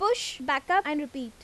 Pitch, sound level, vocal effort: 295 Hz, 89 dB SPL, loud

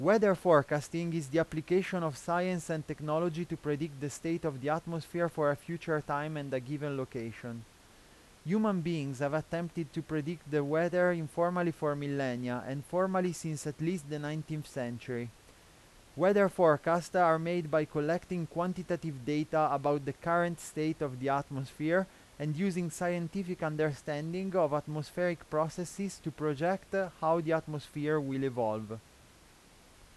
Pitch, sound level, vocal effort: 160 Hz, 89 dB SPL, loud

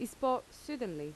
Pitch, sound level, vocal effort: 245 Hz, 84 dB SPL, normal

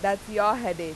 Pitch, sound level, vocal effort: 200 Hz, 94 dB SPL, very loud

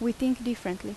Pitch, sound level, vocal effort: 235 Hz, 81 dB SPL, normal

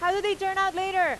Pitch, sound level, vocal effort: 380 Hz, 98 dB SPL, very loud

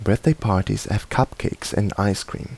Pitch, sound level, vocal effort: 100 Hz, 77 dB SPL, soft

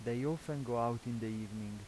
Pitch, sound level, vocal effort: 120 Hz, 84 dB SPL, normal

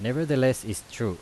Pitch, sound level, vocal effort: 115 Hz, 87 dB SPL, loud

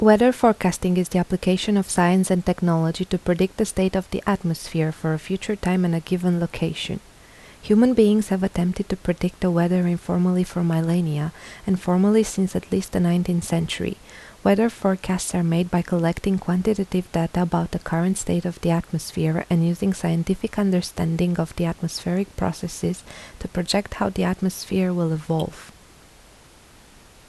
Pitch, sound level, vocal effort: 180 Hz, 77 dB SPL, soft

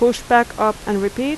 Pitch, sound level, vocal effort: 235 Hz, 85 dB SPL, loud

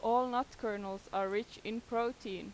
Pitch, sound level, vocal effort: 220 Hz, 89 dB SPL, loud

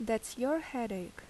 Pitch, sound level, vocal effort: 230 Hz, 79 dB SPL, normal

